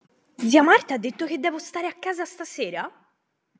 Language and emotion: Italian, surprised